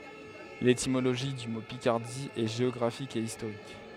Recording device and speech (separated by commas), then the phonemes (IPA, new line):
headset microphone, read sentence
letimoloʒi dy mo pikaʁdi ɛ ʒeɔɡʁafik e istoʁik